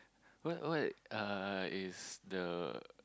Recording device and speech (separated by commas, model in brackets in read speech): close-talking microphone, conversation in the same room